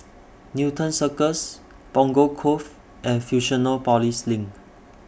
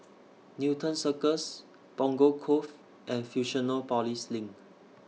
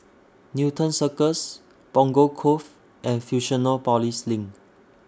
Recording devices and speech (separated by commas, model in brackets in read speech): boundary microphone (BM630), mobile phone (iPhone 6), standing microphone (AKG C214), read sentence